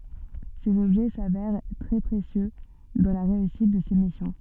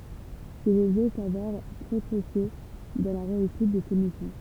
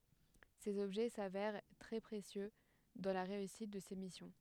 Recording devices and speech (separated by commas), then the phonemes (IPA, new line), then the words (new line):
soft in-ear microphone, temple vibration pickup, headset microphone, read sentence
sez ɔbʒɛ savɛʁ tʁɛ pʁesjø dɑ̃ la ʁeysit də se misjɔ̃
Ces objets s'avèrent très précieux dans la réussite de ses missions.